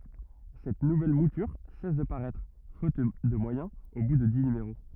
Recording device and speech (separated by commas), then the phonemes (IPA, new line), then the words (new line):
rigid in-ear microphone, read sentence
sɛt nuvɛl mutyʁ sɛs də paʁɛtʁ fot də mwajɛ̃z o bu də di nymeʁo
Cette nouvelle mouture cesse de paraître, faute de moyens, au bout de dix numéros.